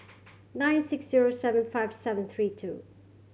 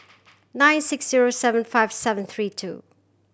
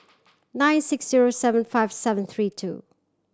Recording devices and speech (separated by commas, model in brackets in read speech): mobile phone (Samsung C7100), boundary microphone (BM630), standing microphone (AKG C214), read sentence